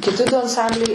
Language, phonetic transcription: Lithuanian, kiˈti du anˈsambliai

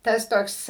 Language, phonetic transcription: Lithuanian, ˈtas ˈtoks

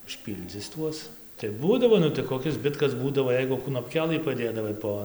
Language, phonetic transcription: Lithuanian, užˈpyldzis ˈtuos tai ˈbūdavo ˈnu tai koˈkis ˈzbitkas ˈbūdavo ˈjeigu knopˈkelɨ paˈdėdavai ˈpo

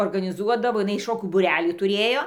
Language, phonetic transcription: Lithuanian, organiˈzuodavo iˈnai ˈšokių būˈrelį tuˈrėjo

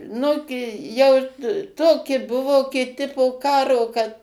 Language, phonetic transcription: Lithuanian, ˈnugi jau ˈtoki ˈbuvo kiˈti po ˈkaro kad

